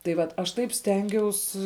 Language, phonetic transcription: Lithuanian, tai ˈvat aš ˈtaip ˈstengiaus

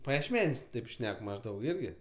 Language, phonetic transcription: Lithuanian, pajiešˈmeniuos ˈtaip ˈšnek mažˈdaug ˈirgi

